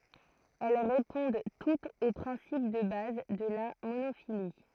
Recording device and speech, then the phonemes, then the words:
throat microphone, read sentence
ɛl ʁepɔ̃d tutz o pʁɛ̃sip də baz də la monofili
Elles répondent toutes au principe de base de la monophylie.

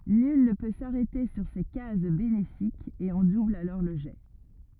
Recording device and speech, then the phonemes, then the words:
rigid in-ear microphone, read sentence
nyl nə pø saʁɛte syʁ se kaz benefikz e ɔ̃ dubl alɔʁ lə ʒɛ
Nul ne peut s'arrêter sur ces cases bénéfiques et on double alors le jet.

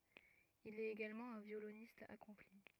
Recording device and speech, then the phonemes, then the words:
rigid in-ear microphone, read sentence
il ɛt eɡalmɑ̃ œ̃ vjolonist akɔ̃pli
Il est également un violoniste accompli.

